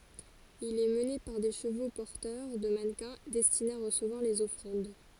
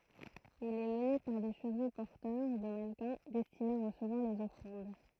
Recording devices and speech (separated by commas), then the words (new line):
forehead accelerometer, throat microphone, read sentence
Il est mené par des chevaux porteurs de mannequins destinés à recevoir les offrandes.